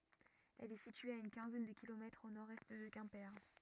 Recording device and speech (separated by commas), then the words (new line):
rigid in-ear microphone, read sentence
Elle est située à une quinzaine de kilomètres au nord-est de Quimper.